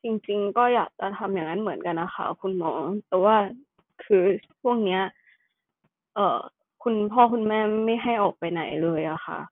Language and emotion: Thai, sad